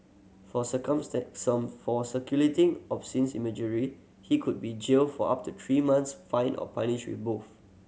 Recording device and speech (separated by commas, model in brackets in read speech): mobile phone (Samsung C7100), read sentence